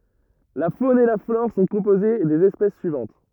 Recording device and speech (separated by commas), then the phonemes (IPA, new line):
rigid in-ear microphone, read sentence
la fon e la flɔʁ sɔ̃ kɔ̃poze dez ɛspɛs syivɑ̃t